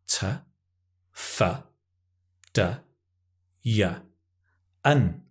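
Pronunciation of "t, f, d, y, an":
'To', 'for', 'do', 'you' and 'and' are each said unstressed, with the schwa sound, rather than in their full forms.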